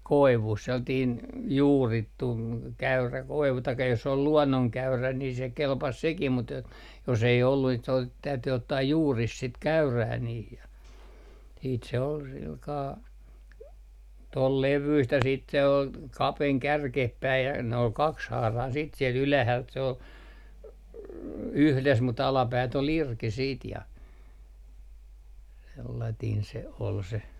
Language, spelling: Finnish, koivusta sellainen juurittu käyrä koivu tai jos oli luonnonkäyrä niin se kelpasi sekin mutta että jos ei ollut sitten se - täytyi ottaa juuri sitä käyrää niin ja sitten se oli sillä kalella tuon levyistä ja sitten se oli kapeni kärkeen päin ja ne oli kaksihaarainen sitten siellä ylhäältä se oli yhdessä mutta alapäät oli irti sitten ja sellainen se oli se
- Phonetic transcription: 'koivust , sellatiin , "juurittu , 'käyrä 'koivu taikka jos ol "luɔnnoŋkäyrä ni se 'kelpas 'sekim mut ‿et , jos ei ollu siit se ot- , täyty ottaa "juuris sit 'käyrää niih ja , siit se ol silkaa , 'tol 'levyist ja siit se ol , 'kapeŋ "kärkeh päij ja nᵉ ‿ol 'kakshaarain siit siel 'ylähält se ‿ol , "yhles mut 'alapäät ‿ol "irki siit ja , sellatiin se ol se ,.

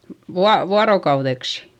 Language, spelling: Finnish, - vuorokaudeksi
- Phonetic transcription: vua- , vuarokauδeksI .

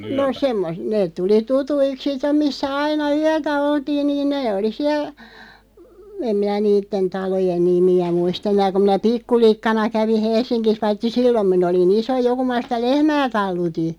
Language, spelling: Finnish, no - ne tuli tutuiksi sitten missä aina yötä oltiin niin ne oli siellä en minä niiden talojen nimiä muista enää kun minä pikkulikkana kävin Helsingissä paitsi silloin minä olin iso jo kun minä sitä lehmää talutin
- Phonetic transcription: no 'semmos- 'neeᵗ 'tuli 'tutuik "sitteᵐ 'missä 'aina "yätä 'oltiin niin 'nee oli 'siäl , 'em minä 'niitten 'talojen "nimi₍ä muis't ‿eǹää kuᵐ minä "pikkulikkana 'kävi 'Hels̆siŋkis 'vaitti "sillom min ‿oli'n ‿iso "jo kuᵐ ma 'sitä "lehmää 'taluti .

